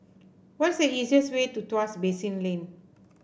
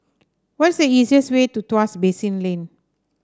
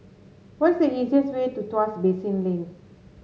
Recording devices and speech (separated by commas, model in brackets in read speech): boundary microphone (BM630), standing microphone (AKG C214), mobile phone (Samsung S8), read sentence